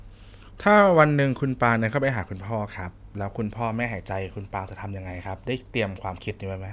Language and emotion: Thai, neutral